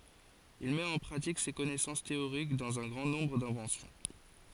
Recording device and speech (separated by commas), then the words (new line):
forehead accelerometer, read sentence
Il met en pratique ses connaissances théoriques dans un grand nombre d'inventions.